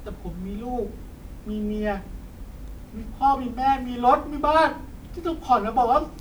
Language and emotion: Thai, sad